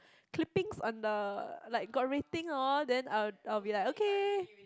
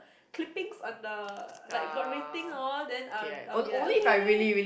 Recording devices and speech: close-talking microphone, boundary microphone, conversation in the same room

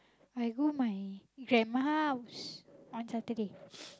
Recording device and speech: close-talking microphone, conversation in the same room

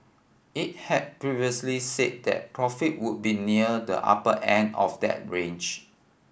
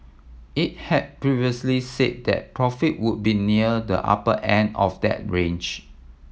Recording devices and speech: boundary microphone (BM630), mobile phone (iPhone 7), read sentence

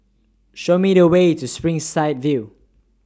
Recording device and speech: standing microphone (AKG C214), read sentence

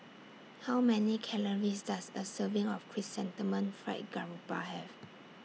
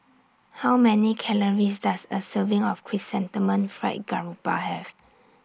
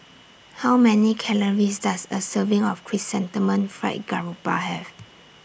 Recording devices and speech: mobile phone (iPhone 6), standing microphone (AKG C214), boundary microphone (BM630), read sentence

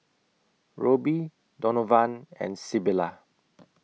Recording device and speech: mobile phone (iPhone 6), read sentence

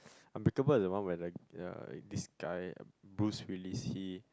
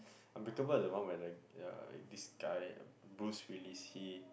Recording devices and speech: close-talking microphone, boundary microphone, conversation in the same room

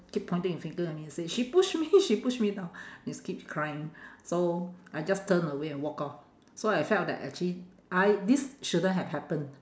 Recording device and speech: standing microphone, conversation in separate rooms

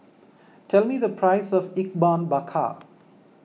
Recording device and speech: mobile phone (iPhone 6), read sentence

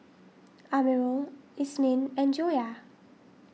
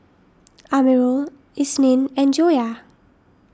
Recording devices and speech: mobile phone (iPhone 6), standing microphone (AKG C214), read sentence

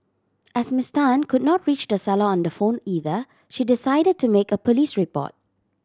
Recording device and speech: standing microphone (AKG C214), read sentence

